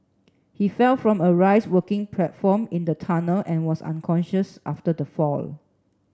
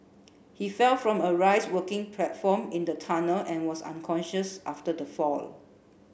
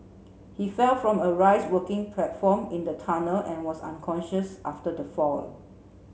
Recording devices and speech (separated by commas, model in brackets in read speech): standing microphone (AKG C214), boundary microphone (BM630), mobile phone (Samsung C7), read sentence